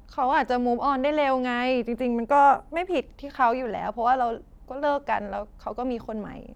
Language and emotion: Thai, sad